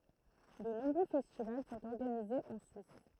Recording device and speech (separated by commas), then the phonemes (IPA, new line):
throat microphone, read sentence
də nɔ̃bʁø fɛstival sɔ̃t ɔʁɡanizez ɑ̃ syis